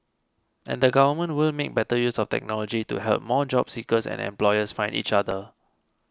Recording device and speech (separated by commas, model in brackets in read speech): close-talking microphone (WH20), read sentence